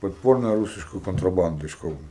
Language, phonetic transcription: Lithuanian, podˈporna ˈrūsiška kontraˈbanda iš ˈkauno

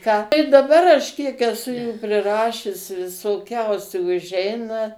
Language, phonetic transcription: Lithuanian, ką daˈbar aš kiek eˈsu jų priˈrašius visoˈkiausių užˈeina

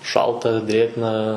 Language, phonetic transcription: Lithuanian, ˈšalta ˈdrėgna

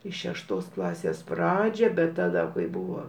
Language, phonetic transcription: Lithuanian, į šešˈtos ˈklasės ˈpradžią bet taˈda kai ˈbuvo

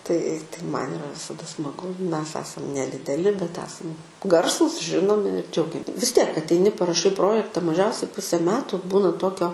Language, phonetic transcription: Lithuanian, tai tai ˈman iˈra visaˈda smaˈgu ˈmes ˈesam nedideˈli bet ˈesam ˈgarsūs ˈžinomi ir ˈdžiaugiam vis ˈtiek ateiˈni paraˈšai ˈprojekta maˈžiausiai ˈpusė ˈmetu ˈbūna ˈtokio

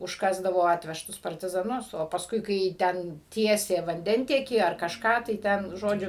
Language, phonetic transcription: Lithuanian, užˈkasdavo ˈatvežtus partizaˈnus o pasˈkui kai ˈten ˈtiesė vanˈdentiekį ar kažˈką tai ˈten ˈžodžiu

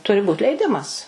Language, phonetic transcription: Lithuanian, ˈturi būt leiˈdimas

